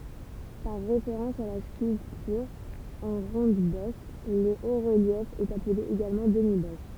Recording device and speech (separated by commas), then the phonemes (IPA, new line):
temple vibration pickup, read sentence
paʁ ʁefeʁɑ̃s a la skyltyʁ ɑ̃ ʁɔ̃dbɔs lə otʁəljɛf ɛt aple eɡalmɑ̃ dəmibɔs